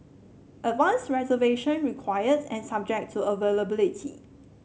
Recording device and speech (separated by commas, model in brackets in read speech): mobile phone (Samsung C7), read sentence